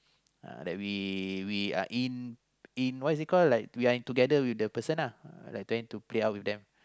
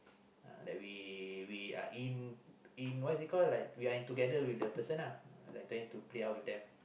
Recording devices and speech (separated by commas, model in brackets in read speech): close-talking microphone, boundary microphone, conversation in the same room